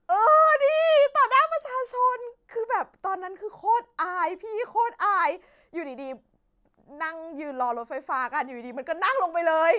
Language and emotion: Thai, happy